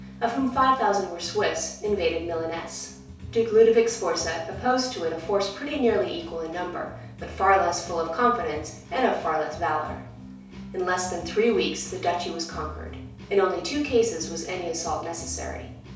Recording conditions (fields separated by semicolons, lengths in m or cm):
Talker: one person; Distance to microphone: 3.0 m; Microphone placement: far; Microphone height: 1.8 m; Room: small (3.7 m by 2.7 m); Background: music